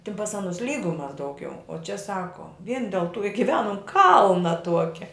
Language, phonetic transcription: Lithuanian, tin pas ˈanus lˈygumas dauˈgiau o čia ˈsako vien del tu i giˈvenum ˈkalna ˈtuokia

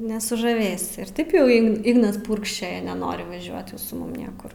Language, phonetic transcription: Lithuanian, nesužaˈvėsi ir ˈtaip jau ˈign ˈignas ˈpurkščioja neˈnori vaˈžiuot su ˈmum ˈniekur

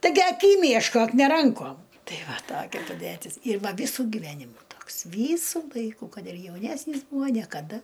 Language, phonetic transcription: Lithuanian, taiˈgi aˈkym ješˈkok ne ˈrankom ˈtai ˈva ˈtokia paˈdætis ir ˈva ˈvysu giˈvenimu ˈtoks ˈvysu ˈlaiku ˈkad ir jauˈnesnys ˈbūa niekaˈda

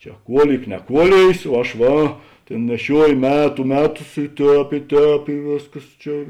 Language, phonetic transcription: Lithuanian, ˈčia ˈkuoˌlyk neˈkuolėjės o ˈaš ˈva ˈtėn neˈšiuojo ˈmetu ˈmeˌtus i ˈtēp i ˈtēp i ˈvėsˌkas ˈčia

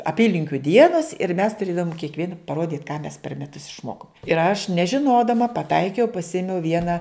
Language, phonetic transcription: Lithuanian, aˈpylinkiu ˈdienas ir mes tuˈrėdavom kiekˈvien paˈrodyt ką mes per meˈtus išˈmokom ir aš nežiˈnodama paˈtaikiau paˈsimiau ˈviena

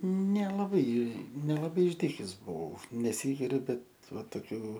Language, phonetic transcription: Lithuanian, nelaˈbai nelaˈbai išˈdykes buˈvau neˈsygiriu ˈbet ˈva toˈkių

